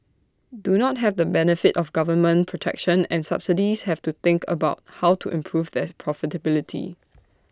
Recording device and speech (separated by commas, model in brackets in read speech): standing microphone (AKG C214), read sentence